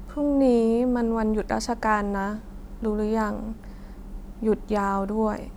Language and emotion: Thai, frustrated